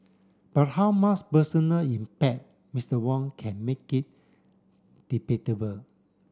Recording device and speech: standing microphone (AKG C214), read sentence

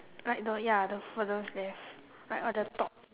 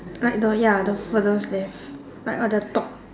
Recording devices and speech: telephone, standing microphone, conversation in separate rooms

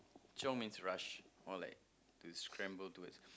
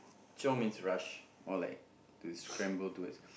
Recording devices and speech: close-talking microphone, boundary microphone, conversation in the same room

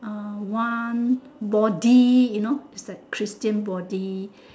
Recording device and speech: standing microphone, conversation in separate rooms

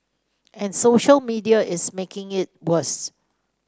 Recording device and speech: standing microphone (AKG C214), read sentence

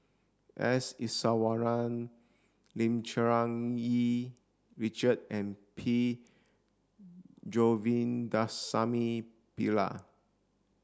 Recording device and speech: standing microphone (AKG C214), read sentence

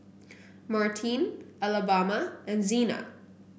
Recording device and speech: boundary microphone (BM630), read sentence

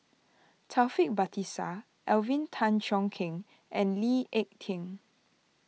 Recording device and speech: mobile phone (iPhone 6), read sentence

